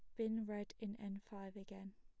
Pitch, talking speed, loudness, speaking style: 205 Hz, 205 wpm, -47 LUFS, plain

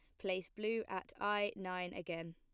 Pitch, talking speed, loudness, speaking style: 185 Hz, 170 wpm, -41 LUFS, plain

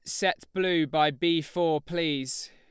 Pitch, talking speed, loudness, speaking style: 165 Hz, 155 wpm, -27 LUFS, Lombard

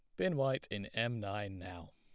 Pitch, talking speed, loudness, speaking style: 105 Hz, 205 wpm, -37 LUFS, plain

